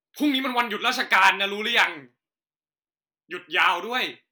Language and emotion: Thai, angry